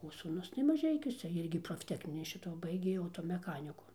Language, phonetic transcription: Lithuanian, o sūˈnus tai maˈžeikiuose ˈirgi profˈtekninį ˈšito ˈbaigė automeˈchaniku

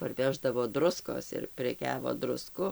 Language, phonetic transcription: Lithuanian, parˈveždavo ˈdruskos ir preˈkiavo druˈsku

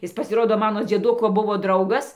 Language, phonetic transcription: Lithuanian, ˈis pasiˈrodo ˈmano dzieˈduko ˈbuvo ˈdraugas

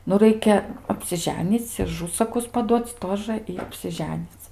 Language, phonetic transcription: Lithuanian, nu ˈraikia apsiˈženyc' i aˈžusakus paˈduoc' ˈtožə i apsiˈženyc'

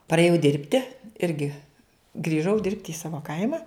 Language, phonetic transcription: Lithuanian, parėˈjau ˈdirbti ˈirgi grįˈžau ˈdirbti į ˈsavo ˈkaima

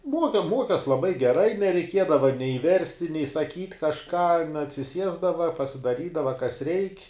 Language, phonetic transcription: Lithuanian, ˈmuoke ˈmuokes laˈbai geˈrai nereiˈkiedava nei ˈversti nei saˈkyt' kažˈką atsiˈsiesdava pasidaˈrydava kas reik'

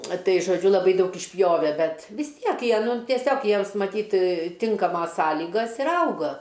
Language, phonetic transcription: Lithuanian, ˈtai žoˈdžiu laˈbai ˈdaug išˈpjove ˈbet vis ˈtiek ˈjie ˈnu tieˈsiog ˈjiems maˈtyt ˈtinkamos ˈsąlygas ir ˈauga

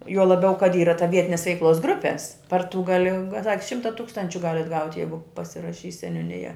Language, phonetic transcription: Lithuanian, juo laˈbiau kad ˈyra ta ˈvietines veikˈlos ˈgrupes par tu gaˈli ng ˈšimta ˈtūkstančiu ˈgalet ˈgauti ˈjeigu pasiraˈšys seniūˈnija

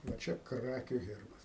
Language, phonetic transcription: Lithuanian, va ˈčia ˈkrakiu ˈherbas

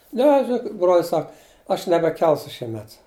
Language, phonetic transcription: Lithuanian, ˈne žiˈnokit brol's' ˈsak aš nebeˈkelsu šieˈmet

